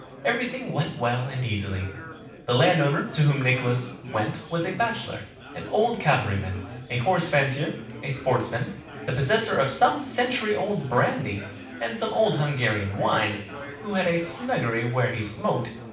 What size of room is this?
A mid-sized room.